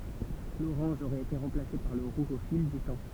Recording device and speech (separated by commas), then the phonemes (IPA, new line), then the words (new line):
temple vibration pickup, read sentence
loʁɑ̃ʒ oʁɛt ete ʁɑ̃plase paʁ lə ʁuʒ o fil dy tɑ̃
L'orange aurait été remplacé par le rouge au fil du temps.